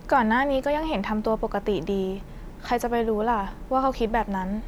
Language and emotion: Thai, frustrated